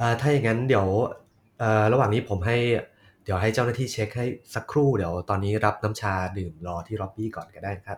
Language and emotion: Thai, neutral